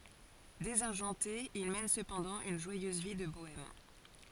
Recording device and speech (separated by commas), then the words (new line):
forehead accelerometer, read sentence
Désargenté, il mène cependant une joyeuse vie de bohème.